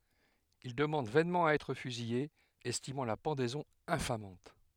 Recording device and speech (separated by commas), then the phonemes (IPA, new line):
headset microphone, read sentence
il dəmɑ̃d vɛnmɑ̃ a ɛtʁ fyzije ɛstimɑ̃ la pɑ̃dɛzɔ̃ ɛ̃famɑ̃t